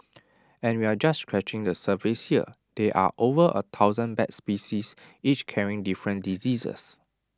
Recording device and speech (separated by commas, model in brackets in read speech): standing microphone (AKG C214), read sentence